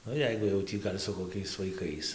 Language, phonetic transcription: Lithuanian, ˈnu ˈjeigu jau ˈtį ˈgal' su koˈkiais vaiˈkais

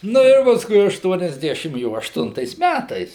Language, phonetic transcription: Lithuanian, ˈnu ir pasˈkui aštuoniasˈdešim ˈjo ašˈtuntais ˈmætais

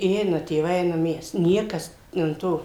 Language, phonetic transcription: Lithuanian, i ˈeina tėˈvai ˈeinam ˈmes ˈniekas an ˈto

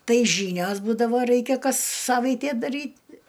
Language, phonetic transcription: Lithuanian, ˈtai ˈžynios ˈbūdavo ˈraikia ˈkas ˈsavaitė daˈryt

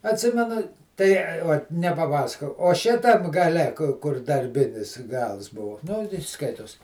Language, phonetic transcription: Lithuanian, atˈsimenu tai ˈot nepaˈpasakojau o ˈšitam gaˈle ku kur darˈbinis ˈgals ˈbuvu nu ti ˈskaitos

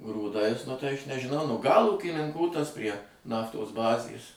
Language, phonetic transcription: Lithuanian, grūˈdais nu tai aš nežiˈnau nu gal ūkininˈkų tas prie ˈnaftos ˈbazės

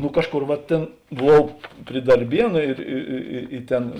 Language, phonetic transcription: Lithuanian, nu ˈkažˌkor va ˈtėn buˈvau pri darˈbienu ir i i i i ˈten

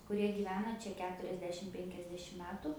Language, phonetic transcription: Lithuanian, kuˈrie gyˈvena ˈčia ˈketuriasdešim ˈpenkiasdešim ˈmetu

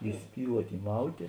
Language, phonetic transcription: Lithuanian, įˈspyluot' įˈmautė

